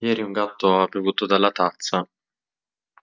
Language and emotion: Italian, sad